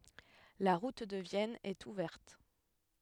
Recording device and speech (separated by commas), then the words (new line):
headset microphone, read sentence
La route de Vienne est ouverte.